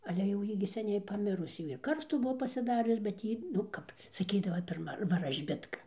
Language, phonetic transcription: Lithuanian, ale jau ˈjy gi seˈniai paˈmirus ˈjy ir ˈkarstų ˈbuvo pasiˈdarius bet ˈjy nu ˈkap saˈkydava pirˈma varažˈbitka

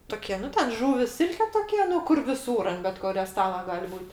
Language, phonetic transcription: Lithuanian, ˈtukie ˈnu ten ˈžuvis ˈsilke ˈtokie ˈnu ˈkur viˈsūr ant bet ˈkurio ˈstala ˈgal' ˈbūt'

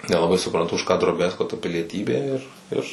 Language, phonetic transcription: Lithuanian, nelaˈbai supranˈtu už ką droˈbiazko ta pilieˈtybė ir ˈir

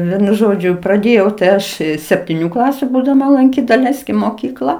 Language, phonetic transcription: Lithuanian, ˈvienu ˈžodžiu praˈdėjau tai ˈaš septyˈnių ˈklasiu būdaˈma lanˈkyt daˈleiskim moˈkykla

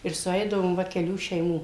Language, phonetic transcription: Lithuanian, ir suˈeidavom ˈva keˈlių šeiˈmų

